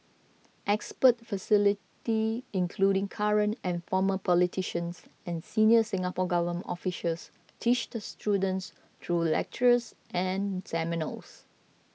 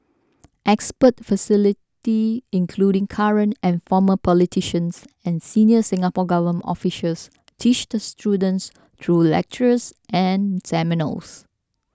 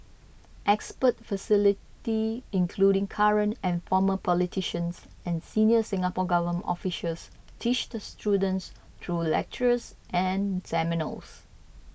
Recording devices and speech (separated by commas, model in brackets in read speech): mobile phone (iPhone 6), standing microphone (AKG C214), boundary microphone (BM630), read sentence